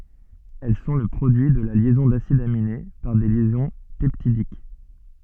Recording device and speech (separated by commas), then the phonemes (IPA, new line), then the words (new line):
soft in-ear microphone, read sentence
ɛl sɔ̃ lə pʁodyi də la ljɛzɔ̃ dasidz amine paʁ de ljɛzɔ̃ pɛptidik
Elles sont le produit de la liaison d'acides aminés par des liaisons peptidiques.